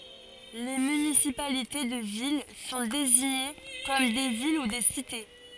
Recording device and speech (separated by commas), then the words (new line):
forehead accelerometer, read sentence
Les municipalités de villes sont désignées comme des villes ou des cités.